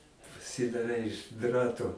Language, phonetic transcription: Lithuanian, pasidaˈrei iš ˈdrato

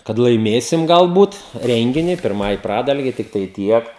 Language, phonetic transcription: Lithuanian, kad laiˈmėsim galˈbūt ˈrengini pirˈmai ˈpradalgei tikˈtai ˈtiek

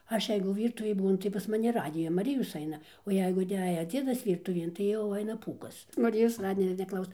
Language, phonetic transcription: Lithuanian, ˈaš ˈjeigu ˈvyrtuvėj ˈbūnu tai pas maˈni ˈradija maˈrijos ˈaina o ˈjeigu iˈneja ˈdziedas ˈvyrtuvien tai jau ˈaina ˈpūkas maˈrijos ˈradijo neˈklauso

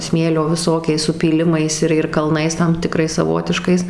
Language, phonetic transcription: Lithuanian, ˈsmėlio viˈsokiais supyˈlimais ir ir kalˈnais tam tiˈkrais saˈvotiškais

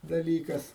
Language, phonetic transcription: Lithuanian, daˈlykas

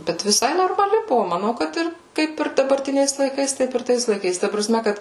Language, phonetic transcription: Lithuanian, ˈbet viˈsai normaˈli ˈbuvo maˈnau kad ˈir ˈkaip ir dabarˈtiniais laiˈkais ˈtaip ir ˈtais laiˈkais ta praˈsme ˈkad

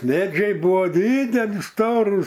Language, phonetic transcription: Lithuanian, ˈmedžiai ˈbuo ˈdydeli ˈstorūs

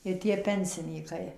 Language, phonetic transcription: Lithuanian, i ˈtie ˈpensinykai

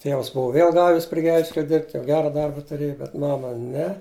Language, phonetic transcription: Lithuanian, ˈtėvs ˈbuvu ˈvėl ˈgavis pri ˈgelžkelia ˈdirbt' jau ˈgera ˈdarba tuˈrėju bet ˈmama ˈne

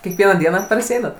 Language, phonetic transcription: Lithuanian, kiekˈvieną ˈdieną parsiˈeinat

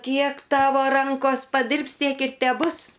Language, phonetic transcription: Lithuanian, ˈkiek ˈtavo ˈrankos paˈdirbs ˈtiek ir teˈbus

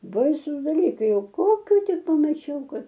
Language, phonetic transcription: Lithuanian, ˈbaisus daˈlykai ˈjau ˈkokiu ˈtik pamaˈčiau ˈkad

